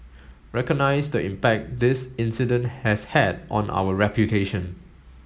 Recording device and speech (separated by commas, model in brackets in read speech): mobile phone (Samsung S8), read sentence